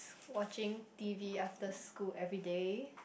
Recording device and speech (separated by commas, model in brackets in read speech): boundary microphone, conversation in the same room